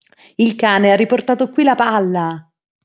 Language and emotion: Italian, happy